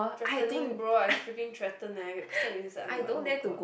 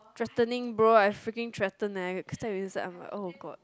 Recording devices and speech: boundary microphone, close-talking microphone, conversation in the same room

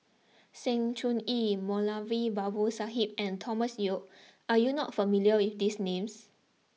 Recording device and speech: mobile phone (iPhone 6), read sentence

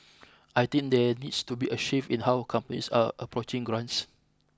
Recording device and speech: close-talking microphone (WH20), read sentence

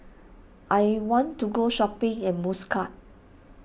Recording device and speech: boundary microphone (BM630), read sentence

